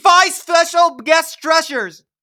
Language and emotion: English, neutral